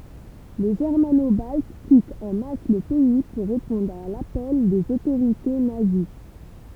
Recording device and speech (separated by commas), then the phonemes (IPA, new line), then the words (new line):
temple vibration pickup, read sentence
le ʒɛʁmano balt kitt ɑ̃ mas lə pɛi puʁ ʁepɔ̃dʁ a lapɛl dez otoʁite nazi
Les Germano-Baltes quittent en masse le pays pour répondre à l'appel des autorités nazies.